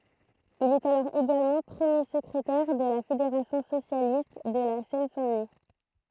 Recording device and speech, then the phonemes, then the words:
throat microphone, read sentence
il ɛt alɔʁ eɡalmɑ̃ pʁəmje səkʁetɛʁ də la fedeʁasjɔ̃ sosjalist də la sɛn sɛ̃ dəni
Il est alors également premier secrétaire de la fédération socialiste de la Seine-Saint-Denis.

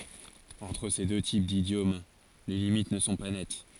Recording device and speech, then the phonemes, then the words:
forehead accelerometer, read sentence
ɑ̃tʁ se dø tip didjom le limit nə sɔ̃ pa nɛt
Entre ces deux types d’idiomes, les limites ne sont pas nettes.

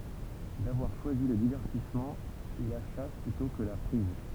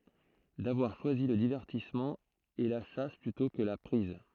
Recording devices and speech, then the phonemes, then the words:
temple vibration pickup, throat microphone, read sentence
davwaʁ ʃwazi lə divɛʁtismɑ̃ e la ʃas plytɔ̃ kə la pʁiz
D’avoir choisi le divertissement, et la chasse plutôt que la prise.

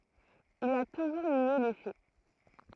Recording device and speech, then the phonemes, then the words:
throat microphone, read sentence
il a tuʒuʁ nje le fɛ
Il a toujours nié les faits.

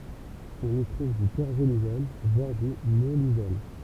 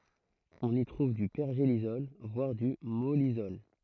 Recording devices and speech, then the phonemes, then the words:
temple vibration pickup, throat microphone, read sentence
ɔ̃n i tʁuv dy pɛʁʒelisɔl vwaʁ dy mɔlisɔl
On y trouve du pergélisol, voire du mollisol.

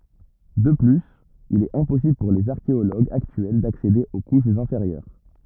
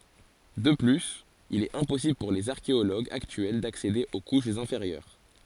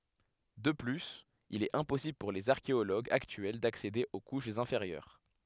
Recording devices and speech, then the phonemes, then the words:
rigid in-ear microphone, forehead accelerometer, headset microphone, read sentence
də plyz il ɛt ɛ̃pɔsibl puʁ lez aʁkeoloɡz aktyɛl daksede o kuʃz ɛ̃feʁjœʁ
De plus, il est impossible pour les archéologues actuels d'accéder aux couches inférieures.

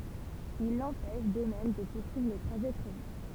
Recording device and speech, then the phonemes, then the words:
temple vibration pickup, read sentence
il lɑ̃pɛʃ də mɛm də puʁsyivʁ lə tʁaʒɛ pʁevy
Il l'empêche, de même, de poursuivre le trajet prévu.

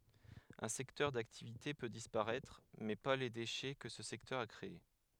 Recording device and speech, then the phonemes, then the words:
headset microphone, read sentence
œ̃ sɛktœʁ daktivite pø dispaʁɛtʁ mɛ pa le deʃɛ kə sə sɛktœʁ a kʁee
Un secteur d'activité peut disparaître, mais pas les déchets que ce secteur a créé.

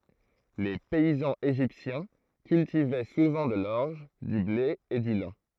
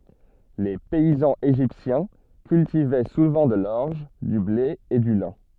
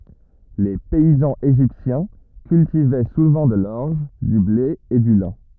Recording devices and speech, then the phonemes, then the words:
throat microphone, soft in-ear microphone, rigid in-ear microphone, read sentence
le pɛizɑ̃z eʒiptjɛ̃ kyltivɛ suvɑ̃ də lɔʁʒ dy ble e dy lɛ̃
Les paysans égyptiens cultivaient souvent de l'orge, du blé et du lin.

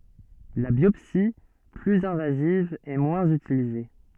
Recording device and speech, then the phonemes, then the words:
soft in-ear microphone, read sentence
la bjɔpsi plyz ɛ̃vaziv ɛ mwɛ̃z ytilize
La biopsie, plus invasive est moins utilisée.

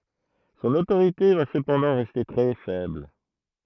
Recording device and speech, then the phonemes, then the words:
throat microphone, read sentence
sɔ̃n otoʁite va səpɑ̃dɑ̃ ʁɛste tʁɛ fɛbl
Son autorité va cependant rester très faible.

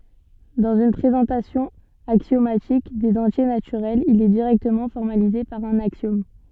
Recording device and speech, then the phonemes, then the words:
soft in-ear microphone, read sentence
dɑ̃z yn pʁezɑ̃tasjɔ̃ aksjomatik dez ɑ̃tje natyʁɛlz il ɛ diʁɛktəmɑ̃ fɔʁmalize paʁ œ̃n aksjɔm
Dans une présentation axiomatique des entiers naturels, il est directement formalisé par un axiome.

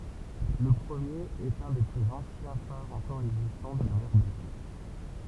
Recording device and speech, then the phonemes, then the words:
temple vibration pickup, read sentence
lə pʁəmjeʁ ɛt œ̃ de plyz ɑ̃sjɛ̃ faʁz ɑ̃kɔʁ ɛɡzistɑ̃ də la mɛʁ baltik
Le premier est un des plus anciens phares encore existants de la mer Baltique.

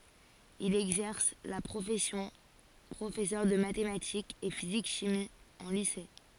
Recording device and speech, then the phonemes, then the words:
forehead accelerometer, read sentence
il ɛɡzɛʁs la pʁofɛsjɔ̃ pʁofɛsœʁ də matematikz e fizik ʃimi ɑ̃ lise
Il exerce la profession professeur de mathématiques et physique-chimie en lycée.

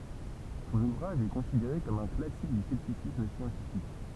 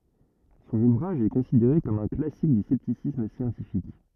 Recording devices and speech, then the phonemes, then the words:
temple vibration pickup, rigid in-ear microphone, read sentence
sɔ̃n uvʁaʒ ɛ kɔ̃sideʁe kɔm œ̃ klasik dy sɛptisism sjɑ̃tifik
Son ouvrage est considéré comme un classique du scepticisme scientifique.

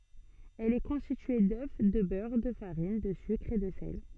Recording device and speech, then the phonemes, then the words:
soft in-ear microphone, read sentence
ɛl ɛ kɔ̃stitye dø də bœʁ də faʁin də sykʁ e də sɛl
Elle est constituée d'œufs, de beurre, de farine, de sucre et de sel.

